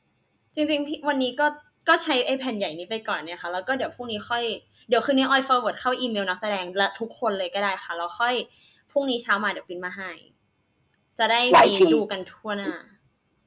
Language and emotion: Thai, frustrated